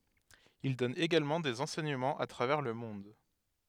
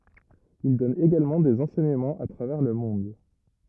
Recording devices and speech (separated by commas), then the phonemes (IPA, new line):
headset microphone, rigid in-ear microphone, read sentence
il dɔn eɡalmɑ̃ dez ɑ̃sɛɲəmɑ̃z a tʁavɛʁ lə mɔ̃d